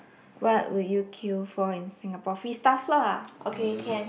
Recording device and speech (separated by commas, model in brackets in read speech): boundary microphone, conversation in the same room